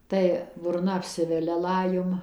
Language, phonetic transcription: Lithuanian, ˈtai burˈna apˈsivelia ˈlajum

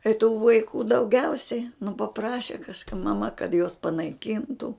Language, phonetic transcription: Lithuanian, i tų vaiˈkų dauˈgiausiai nu paˈpraše kažˈka maˈma kad juos panaiˈkyntu

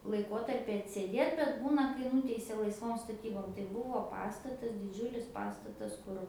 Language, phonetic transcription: Lithuanian, laiˈkotarpi atsėˈdėt bet ˈbūna kai ˈnuteisia laisˈvom staˈtybom tai ˈbuo ˈpastatas diˈdžiulis ˈpastatas ˈkur

